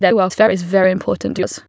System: TTS, waveform concatenation